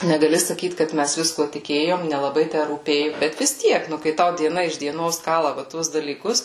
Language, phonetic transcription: Lithuanian, negaˈli saˈkyt kad ˈmæs ˈviskuo tiˈkėjom nelaˈbai ˈtæ rūˈpėju ˈbet vis ˈtiek ˈnu kai ˈtau dieˈna iš dieˈnos ˈkala va ˈtuos dalyˈkus

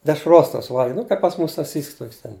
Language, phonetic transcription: Lithuanian, dešˈros tos ˈvalgiau ˈnu kaip pas ˈmus saˈsysks tok's' ˈten

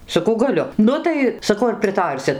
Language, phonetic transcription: Lithuanian, saˈkau gaˈliu ˈnu tai saˈkau ar priˈtarsit

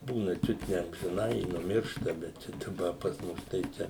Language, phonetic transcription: Lithuanian, ˈbūna ˈčiut ne amžiˈnai i nuˈmiršta bet ˈčia daˈba pas ˈmus tai ˈčia

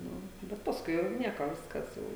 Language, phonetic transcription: Lithuanian, ˈnu bet pasˈkui jau ˈnieko ˈviskas jau

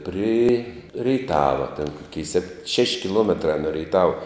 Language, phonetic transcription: Lithuanian, pri reiˈtava ten ˈkokei sep šeš' kiˈluometra no reiˈtava

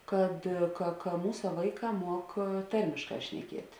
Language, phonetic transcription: Lithuanian, ˈkad ka ka ˈmūsa ˈvaiˌkā ˈmuok ˈtarmišˌkā šneˈkiet'

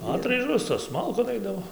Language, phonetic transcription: Lithuanian, ˈatraižos tos ˈmalkon ˈaidavo

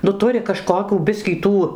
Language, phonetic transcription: Lithuanian, nu ˈturi kaˈžkokių ˈbiskį ˈtų

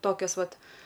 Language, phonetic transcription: Lithuanian, ˈtokios ˈvat

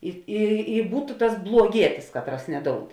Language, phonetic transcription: Lithuanian, i i i ˈbūtu tas bluoˈgietis ˈkatˌras neˈdoud

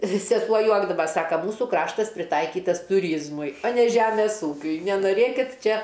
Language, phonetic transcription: Lithuanian, viˈsi paˈjuokdava ˈsaka ˈmūsu ˈkraštas priˈtaikytas tuˈryzmui o ne ˈžemes ˈūkiui nenoˈrėkit ˈčia

